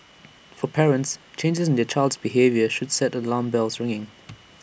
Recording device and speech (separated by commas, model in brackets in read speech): boundary microphone (BM630), read sentence